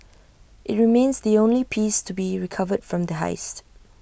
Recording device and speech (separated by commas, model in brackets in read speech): boundary microphone (BM630), read sentence